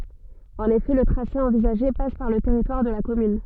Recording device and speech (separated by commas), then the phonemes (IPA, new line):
soft in-ear microphone, read sentence
ɑ̃n efɛ lə tʁase ɑ̃vizaʒe pas paʁ lə tɛʁitwaʁ də la kɔmyn